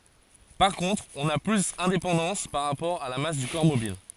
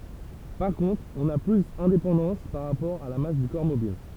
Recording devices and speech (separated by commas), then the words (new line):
forehead accelerometer, temple vibration pickup, read sentence
Par contre, on n'a plus indépendance par rapport à la masse du corps mobile.